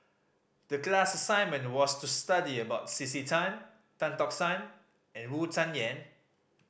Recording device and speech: boundary microphone (BM630), read sentence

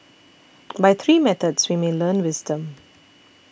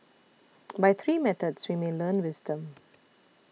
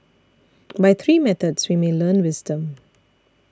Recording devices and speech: boundary microphone (BM630), mobile phone (iPhone 6), standing microphone (AKG C214), read sentence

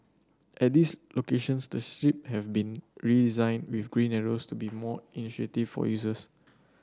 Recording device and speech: standing microphone (AKG C214), read sentence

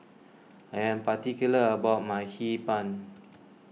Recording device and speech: mobile phone (iPhone 6), read sentence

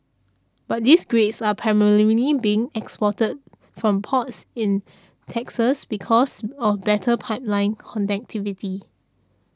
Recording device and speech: standing microphone (AKG C214), read sentence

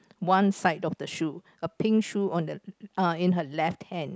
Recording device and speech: close-talking microphone, conversation in the same room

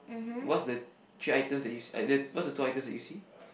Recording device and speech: boundary microphone, conversation in the same room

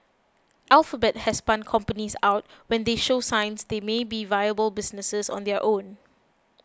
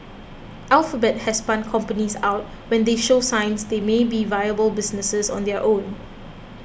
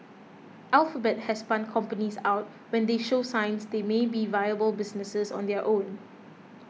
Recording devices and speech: close-talking microphone (WH20), boundary microphone (BM630), mobile phone (iPhone 6), read sentence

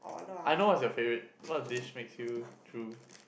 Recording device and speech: boundary microphone, conversation in the same room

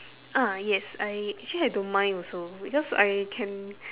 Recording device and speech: telephone, conversation in separate rooms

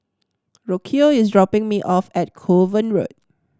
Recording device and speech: standing microphone (AKG C214), read sentence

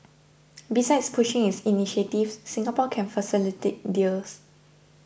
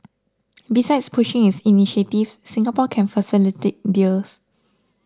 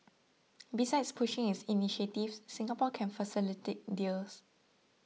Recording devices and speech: boundary microphone (BM630), standing microphone (AKG C214), mobile phone (iPhone 6), read sentence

